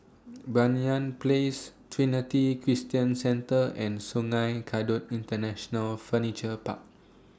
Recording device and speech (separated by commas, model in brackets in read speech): standing microphone (AKG C214), read sentence